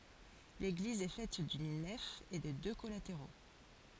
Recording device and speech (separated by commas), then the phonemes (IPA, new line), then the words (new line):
forehead accelerometer, read sentence
leɡliz ɛ fɛt dyn nɛf e də dø kɔlateʁo
L'église est faite d'une nef et de deux collatéraux.